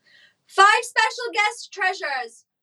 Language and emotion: English, neutral